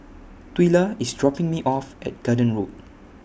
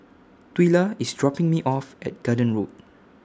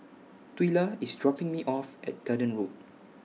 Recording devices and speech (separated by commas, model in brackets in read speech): boundary microphone (BM630), standing microphone (AKG C214), mobile phone (iPhone 6), read sentence